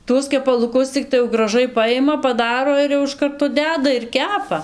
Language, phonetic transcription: Lithuanian, ˈtuos kepaluˈkus cikˈtai jau graˈžai paˈjima paˈdaro ir jau iš ˈkarto ˈdeda ir ˈkepa

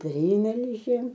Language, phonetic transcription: Lithuanian, ˈprymelžėm

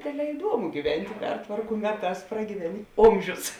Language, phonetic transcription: Lithuanian, ˈdėdˌlē iˈduomu gyˈventi ˈpertvarku ˈmeˌtās pragyˈveni ˈomžius

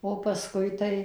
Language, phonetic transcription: Lithuanian, o paˈskui tai

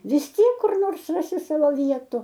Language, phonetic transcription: Lithuanian, vis ˈtiek kur ˈnors ˈrasi ˈsavo ˈvietu

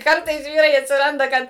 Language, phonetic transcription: Lithuanian, ˈkartais ˈvyrai atsiˈranda ˈkad

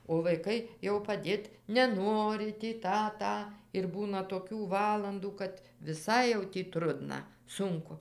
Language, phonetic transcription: Lithuanian, o vaiˈkai jau paˈdėt neˈnori tį ˈtą ˈtą ir ˈbūna toˈkių ˈvalandų kad viˈsai jau tį ˈtrudna ˈsunku

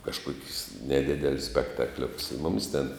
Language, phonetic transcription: Lithuanian, kažˈkuokius neˈdidelius spektaˈkliokus i ˈmumis ten

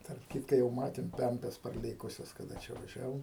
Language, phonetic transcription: Lithuanian, tarp ˈkytka jau ˈmatėm ˈpempes parˈlėkusias kaˈda čia vaˈžiavom

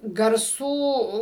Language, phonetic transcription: Lithuanian, garˈsų

